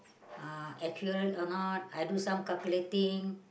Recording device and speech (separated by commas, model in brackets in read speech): boundary microphone, conversation in the same room